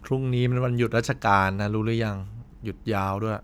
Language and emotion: Thai, frustrated